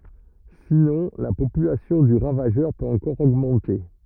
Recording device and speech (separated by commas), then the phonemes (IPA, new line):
rigid in-ear microphone, read sentence
sinɔ̃ la popylasjɔ̃ dy ʁavaʒœʁ pøt ɑ̃kɔʁ oɡmɑ̃te